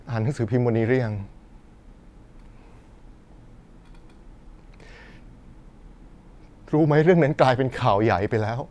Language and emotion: Thai, sad